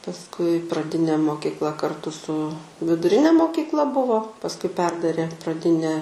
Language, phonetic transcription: Lithuanian, pasˈkui praˈdinė mokykˈla karˈtu su viduˈrine mokykˈla ˈbuvo pasˈkui ˈperdarė praˈdinę

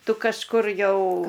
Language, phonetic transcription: Lithuanian, ˈtu kažˈkur ˈjau

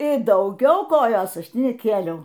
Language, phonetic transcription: Lithuanian, i dauˈgiau ˈkojos ˈaš ˈti neˈkėliau

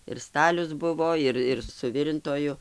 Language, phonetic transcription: Lithuanian, ir ˈstalius ˈbuvo ˈir ir suˈvirintoju

